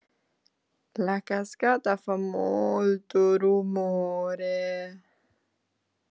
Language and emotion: Italian, sad